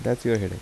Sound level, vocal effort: 79 dB SPL, soft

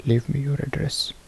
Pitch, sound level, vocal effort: 145 Hz, 68 dB SPL, soft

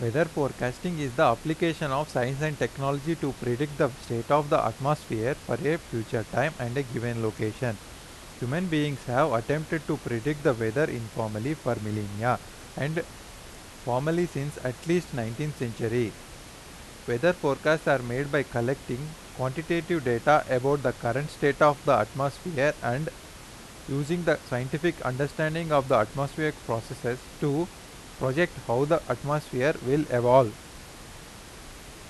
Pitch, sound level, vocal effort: 140 Hz, 88 dB SPL, loud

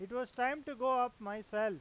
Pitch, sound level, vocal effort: 245 Hz, 98 dB SPL, loud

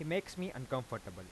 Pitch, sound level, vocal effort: 130 Hz, 88 dB SPL, normal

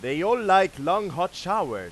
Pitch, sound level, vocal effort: 190 Hz, 103 dB SPL, very loud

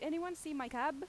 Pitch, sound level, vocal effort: 310 Hz, 92 dB SPL, very loud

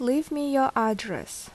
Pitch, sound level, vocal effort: 260 Hz, 79 dB SPL, normal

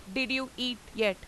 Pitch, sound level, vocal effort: 250 Hz, 91 dB SPL, very loud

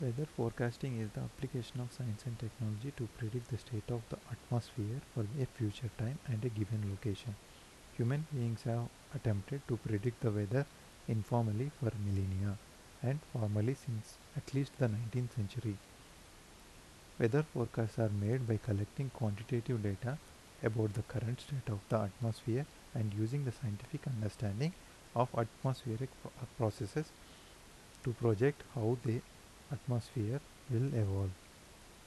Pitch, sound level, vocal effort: 120 Hz, 78 dB SPL, soft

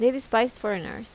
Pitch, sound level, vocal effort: 235 Hz, 84 dB SPL, normal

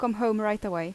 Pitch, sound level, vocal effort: 210 Hz, 84 dB SPL, normal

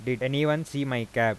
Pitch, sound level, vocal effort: 130 Hz, 90 dB SPL, normal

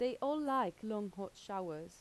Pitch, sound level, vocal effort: 210 Hz, 85 dB SPL, normal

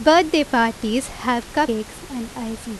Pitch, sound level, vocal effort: 240 Hz, 87 dB SPL, loud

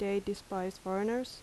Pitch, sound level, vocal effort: 200 Hz, 81 dB SPL, normal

